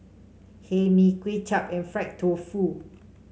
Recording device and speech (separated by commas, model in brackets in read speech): mobile phone (Samsung C5), read sentence